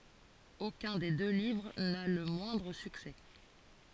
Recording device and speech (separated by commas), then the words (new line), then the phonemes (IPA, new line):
forehead accelerometer, read sentence
Aucun des deux livres n'a le moindre succès.
okœ̃ de dø livʁ na lə mwɛ̃dʁ syksɛ